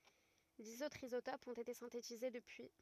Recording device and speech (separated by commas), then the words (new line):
rigid in-ear microphone, read sentence
Dix autres isotopes ont été synthétisés depuis.